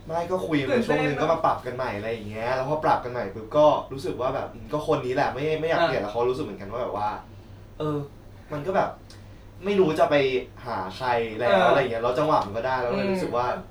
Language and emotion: Thai, neutral